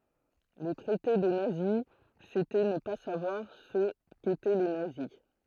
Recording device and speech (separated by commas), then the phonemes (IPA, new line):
throat microphone, read sentence
lə tʁɛte də nazi setɛ nə pa savwaʁ sə ketɛ le nazi